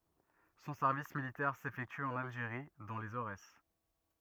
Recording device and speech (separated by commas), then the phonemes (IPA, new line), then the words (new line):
rigid in-ear microphone, read sentence
sɔ̃ sɛʁvis militɛʁ sefɛkty ɑ̃n alʒeʁi dɑ̃ lez oʁɛs
Son service militaire s'effectue en Algérie, dans les Aurès.